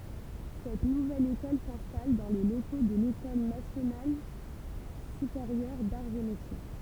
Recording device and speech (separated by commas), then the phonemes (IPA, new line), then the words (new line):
temple vibration pickup, read sentence
sɛt nuvɛl ekɔl sɛ̃stal dɑ̃ le loko də lekɔl nasjonal sypeʁjœʁ daʁz e metje
Cette nouvelle école s’installe dans les locaux de l’École nationale supérieure d'arts et métiers.